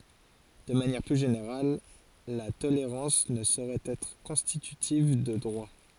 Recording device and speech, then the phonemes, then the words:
forehead accelerometer, read sentence
də manjɛʁ ply ʒeneʁal la toleʁɑ̃s nə soʁɛt ɛtʁ kɔ̃stitytiv də dʁwa
De manière plus générale, la tolérance ne saurait être constitutive de droit.

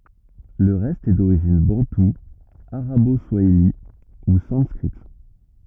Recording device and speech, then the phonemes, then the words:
rigid in-ear microphone, read sentence
lə ʁɛst ɛ doʁiʒin bɑ̃tu aʁabo swaili u sɑ̃skʁit
Le reste est d'origine bantou, arabo-swahili ou sanskrite.

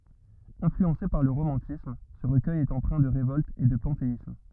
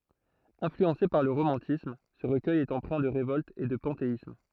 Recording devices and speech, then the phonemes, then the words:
rigid in-ear microphone, throat microphone, read sentence
ɛ̃flyɑ̃se paʁ lə ʁomɑ̃tism sə ʁəkœj ɛt ɑ̃pʁɛ̃ də ʁevɔlt e də pɑ̃teism
Influencé par le romantisme, ce recueil est empreint de révolte et de panthéisme.

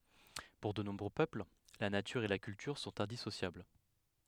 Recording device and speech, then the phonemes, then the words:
headset microphone, read sentence
puʁ də nɔ̃bʁø pøpl la natyʁ e la kyltyʁ sɔ̃t ɛ̃disosjabl
Pour de nombreux peuples, la nature et la culture sont indissociables.

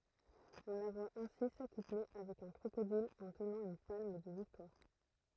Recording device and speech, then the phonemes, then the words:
throat microphone, read sentence
ɔ̃ la vwa ɛ̃si sakuple avɛk œ̃ kʁokodil ɑ̃ tənɑ̃ yn palm də viktwaʁ
On la voit ainsi s’accoupler avec un crocodile en tenant une palme de victoire.

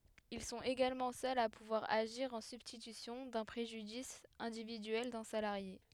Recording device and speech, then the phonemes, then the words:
headset microphone, read sentence
il sɔ̃t eɡalmɑ̃ sœlz a puvwaʁ aʒiʁ ɑ̃ sybstitysjɔ̃ dœ̃ pʁeʒydis ɛ̃dividyɛl dœ̃ salaʁje
Ils sont également seuls à pouvoir agir en substitution d'un préjudice individuel d'un salarié.

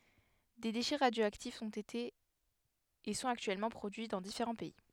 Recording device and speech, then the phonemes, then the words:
headset microphone, read sentence
de deʃɛ ʁadjoaktifz ɔ̃t ete e sɔ̃t aktyɛlmɑ̃ pʁodyi dɑ̃ difeʁɑ̃ pɛi
Des déchets radioactifs ont été et sont actuellement produits dans différents pays.

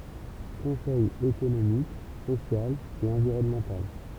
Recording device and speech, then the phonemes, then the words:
temple vibration pickup, read sentence
kɔ̃sɛj ekonomik sosjal e ɑ̃viʁɔnmɑ̃tal
Conseil économique, social et environnemental.

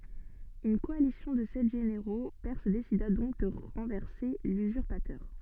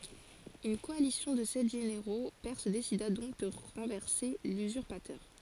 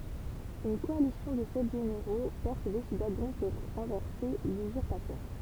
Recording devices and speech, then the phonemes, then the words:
soft in-ear microphone, forehead accelerometer, temple vibration pickup, read sentence
yn kɔalisjɔ̃ də sɛt ʒeneʁo pɛʁs desida dɔ̃k də ʁɑ̃vɛʁse lyzyʁpatœʁ
Une coalition de sept généraux perses décida donc de renverser l'usurpateur.

